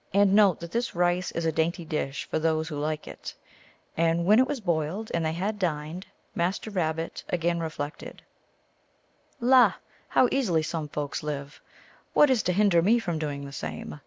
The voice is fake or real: real